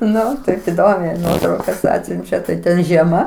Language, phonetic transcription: Lithuanian, ˈnu taip iˈdomiai ˈnuotraukas ˈatsiunčia tai ˈten žieˈma

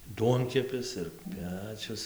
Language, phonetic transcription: Lithuanian, ˈduonkepis ir ˈpečius

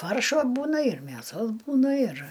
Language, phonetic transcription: Lithuanian, ˈfaršo ˈbūna ir mėˈsos ˈbūna ir

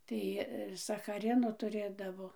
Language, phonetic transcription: Lithuanian, ˈtai sachaˈrino tuˈrėdavo

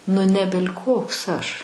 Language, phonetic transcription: Lithuanian, nu ˈnebel' kˈoks ˈaš

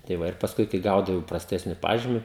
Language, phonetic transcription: Lithuanian, tai ˈva ir pasˈkui kai ˈgaudavau praˈstesni ˈpažymi

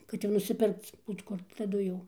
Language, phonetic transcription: Lithuanian, kad ˈjau nusiˈpirkc ˈbūt kur taˈdu jau

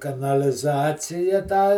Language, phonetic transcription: Lithuanian, kanaliˈzacija tą

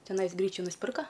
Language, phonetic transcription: Lithuanian, teˈnais ˈgryčiu nusˈpirka

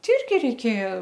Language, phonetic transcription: Lithuanian, ˈti ˈirgi reiˈkėja

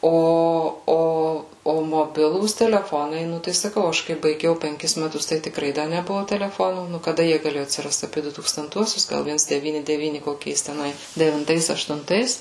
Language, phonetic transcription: Lithuanian, ˈo ˈo o moˈbilūs teleˈfonai ˈnu tai saˈkau ˈaš kai baiˈgiau penˈkis meˈtus tai tikˈrai ˈda neˈbuvo teleˈfonų nu kaˈda ˈjie gaˈlėju atsirast apie du tūkstanˈtuosius ˈgal ˈviens deˈvyni deˈvyni koˈkiais teˈnai devinˈtais aštunˈtais

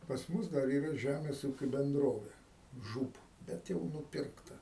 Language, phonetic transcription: Lithuanian, pas ˈmus dar ˈyra ˈžæmės ˈūkiu benˈdrove ˈžūb ˈbet jau nuˈpirkta

